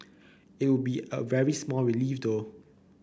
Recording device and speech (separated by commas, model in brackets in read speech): boundary microphone (BM630), read sentence